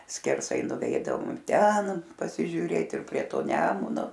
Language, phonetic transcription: Lithuanian, skerˈsai nuˈveidavom ˈten pasižiuˈrėt ir prie ˈto ˈnemuno

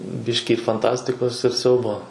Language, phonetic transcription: Lithuanian, ˈbiški fanˈtastikos ir ˈsiaubo

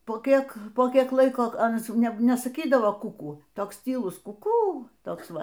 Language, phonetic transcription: Lithuanian, po ˈkiek po ˈkiek ˈlaiko ˈanas ˈjau ˈne nesaˈkydavo ˈkukū ˈtoks tyˈlus kuˈkū ˈtoks ˈva

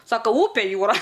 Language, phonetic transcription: Lithuanian, ˈsaka ˈupe ˈjūra

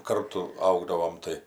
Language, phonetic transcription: Lithuanian, ˈkartu ˈaugdavom ˈtai

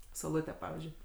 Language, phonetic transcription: Lithuanian, sauˈlutę ˈpavyzdžiui

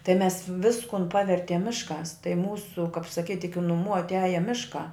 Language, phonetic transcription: Lithuanian, tai mes ˈviskun ˈpavertiem ˈmišˌkās tai ˈmūsu kap saˈkyt' iki nuˈmų atˈiaja ˈmiškā

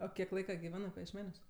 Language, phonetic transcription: Lithuanian, o ˈkiek ˈlaika giˈvenɜ pajiešˈmeniuos

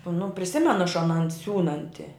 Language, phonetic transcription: Lithuanian, nu priˈsimenu aš aˈnan ˈsiūnanti

